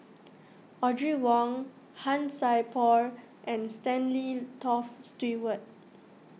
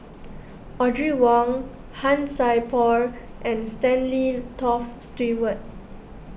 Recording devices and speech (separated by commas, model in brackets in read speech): mobile phone (iPhone 6), boundary microphone (BM630), read sentence